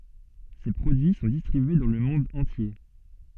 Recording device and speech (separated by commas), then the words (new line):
soft in-ear microphone, read sentence
Ses produits sont distribués dans le monde entier.